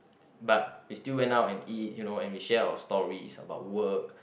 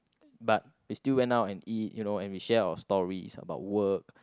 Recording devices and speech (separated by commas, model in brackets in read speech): boundary microphone, close-talking microphone, conversation in the same room